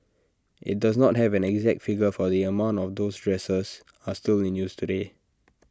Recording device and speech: standing microphone (AKG C214), read sentence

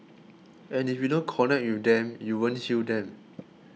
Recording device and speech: mobile phone (iPhone 6), read sentence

